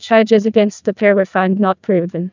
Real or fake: fake